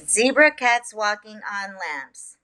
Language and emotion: English, happy